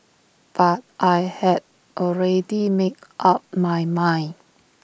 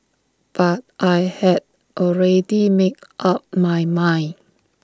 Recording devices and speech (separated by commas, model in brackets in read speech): boundary microphone (BM630), standing microphone (AKG C214), read sentence